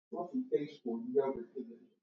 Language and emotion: English, sad